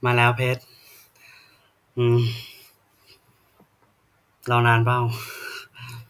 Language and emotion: Thai, sad